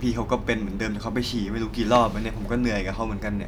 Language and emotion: Thai, frustrated